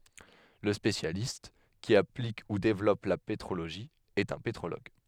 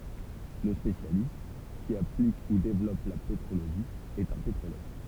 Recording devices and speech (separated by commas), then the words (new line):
headset microphone, temple vibration pickup, read sentence
Le spécialiste qui applique ou développe la pétrologie est un pétrologue.